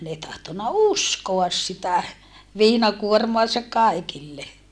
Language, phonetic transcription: Finnish, n ‿ei tahtonna uskoas sitä , viinakuormoasak̆ kàikille .
- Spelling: ne ei tahtonut uskoa sitä viinakuormaansa kaikille

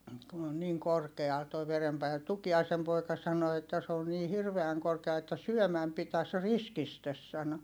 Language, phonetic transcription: Finnish, kun ‿on niiŋ korkeal toi verempainet Tuki₍aisem poika sano että » s ‿oon nii hirveäŋ korkeal että syɔ̈̀mäm pitäs riskistes » sano .
- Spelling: kun on niin korkealla tuo verenpaine Tukiaisen poika sanoi että se n niin hirveän korkealla että syömän pitäisi riskisti sanoi

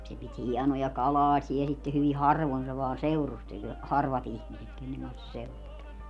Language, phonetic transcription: Finnish, se pit "hiɛnoja "kalaasiɛ sitte hyvi "harvon se vaa 'seurusteĺ , "harvat ‿ihmiset kenneŋ kans se 'seurustel .
- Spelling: se piti hienoja kalaaseja sitten hyvin harvoin se vain seurusteli harvat ihmiset kenen kanssa se seurusteli

